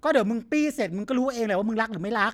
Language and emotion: Thai, frustrated